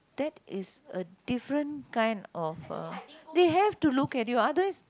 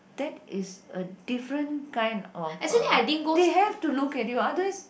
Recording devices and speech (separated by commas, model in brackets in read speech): close-talking microphone, boundary microphone, conversation in the same room